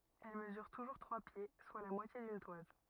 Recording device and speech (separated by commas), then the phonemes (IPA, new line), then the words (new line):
rigid in-ear microphone, read sentence
ɛl məzyʁ tuʒuʁ tʁwa pje swa la mwatje dyn twaz
Elle mesure toujours trois pieds, soit la moitié d'une toise.